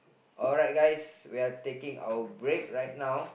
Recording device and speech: boundary microphone, conversation in the same room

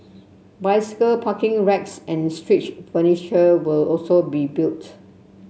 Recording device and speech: mobile phone (Samsung C7), read sentence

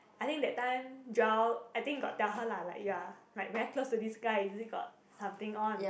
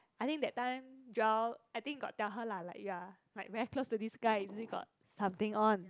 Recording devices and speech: boundary microphone, close-talking microphone, conversation in the same room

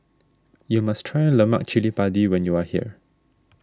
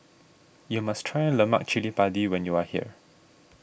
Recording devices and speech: standing microphone (AKG C214), boundary microphone (BM630), read sentence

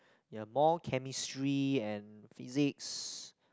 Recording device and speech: close-talking microphone, conversation in the same room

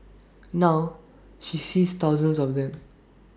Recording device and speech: standing microphone (AKG C214), read sentence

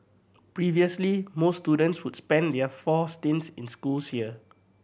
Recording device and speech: boundary microphone (BM630), read sentence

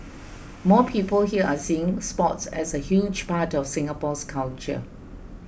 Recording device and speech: boundary microphone (BM630), read sentence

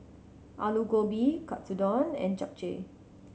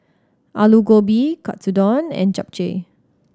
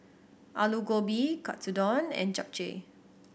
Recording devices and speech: mobile phone (Samsung C7100), standing microphone (AKG C214), boundary microphone (BM630), read sentence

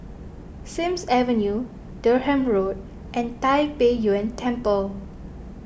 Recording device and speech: boundary microphone (BM630), read sentence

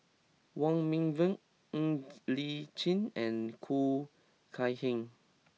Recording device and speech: mobile phone (iPhone 6), read sentence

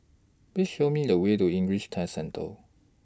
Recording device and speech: standing microphone (AKG C214), read sentence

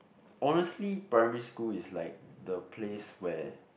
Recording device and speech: boundary microphone, conversation in the same room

